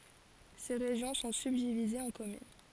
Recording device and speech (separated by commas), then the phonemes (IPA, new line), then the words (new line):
forehead accelerometer, read sentence
se ʁeʒjɔ̃ sɔ̃ sybdivizez ɑ̃ kɔmyn
Ces régions sont subdivisées en communes.